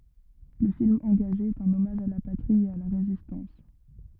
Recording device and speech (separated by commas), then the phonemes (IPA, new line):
rigid in-ear microphone, read sentence
lə film ɑ̃ɡaʒe ɛt œ̃n ɔmaʒ a la patʁi e a la ʁezistɑ̃s